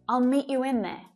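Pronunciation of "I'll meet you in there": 'In' links to 'you' before it with an extra w sound between the two vowels, so 'you in' sounds like 'you win'.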